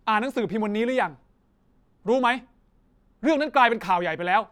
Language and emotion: Thai, angry